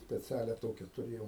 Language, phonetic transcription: Lithuanian, speˈcialia ˈtokia tuˈrėjom

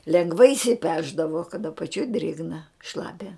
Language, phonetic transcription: Lithuanian, lenˈgvai išsiˈpešdavo kad apaˈčioj ˈdrėgna ˈšlapia

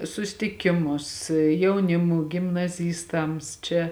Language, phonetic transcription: Lithuanian, sustiˈkimus jauˈnimū gimnaˈzystams ˈčia

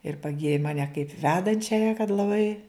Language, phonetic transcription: Lithuanian, ir paˈgyri ˈmane kaip ˈvedančiaja kad laˈbai

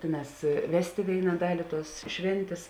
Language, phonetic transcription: Lithuanian, ˈtėˌnās ˈvestė ˈvėina ˈdali tuos ˈšvėntės

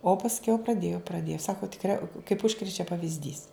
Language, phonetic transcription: Lithuanian, o pasˈkiau praˈdėjo praˈdėjo ˈsako tikˈria kaip ˈužkrečia pavizˈdys

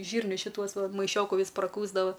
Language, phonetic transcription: Lithuanian, ˈžyrnius šiˈtuos ˈva maiˈšioku ˈvys praˈkųsdava

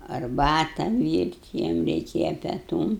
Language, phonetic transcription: Lithuanian, arˈbata ˈvyrt' ˈjiem reiˈkėja peˈtūm

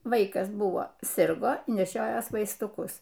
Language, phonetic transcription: Lithuanian, ˈvaikas ˈbuvo ˈsirgo neˈšiojos vaistuˈkus

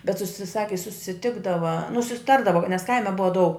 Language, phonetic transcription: Lithuanian, bet ˈsusi ˈsaki susiˈtikdava nu susiˈtardava nes ˈkaime ˈbuva daug

